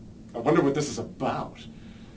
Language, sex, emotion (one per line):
English
male
disgusted